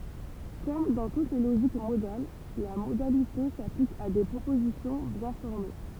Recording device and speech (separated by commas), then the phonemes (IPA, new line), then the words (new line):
temple vibration pickup, read sentence
kɔm dɑ̃ tut le loʒik modal la modalite saplik a de pʁopozisjɔ̃ bjɛ̃ fɔʁme
Comme dans toutes les logiques modales, la modalité s'applique à des propositions bien formées.